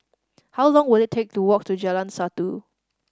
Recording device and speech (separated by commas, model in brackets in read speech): standing microphone (AKG C214), read sentence